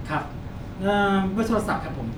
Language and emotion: Thai, neutral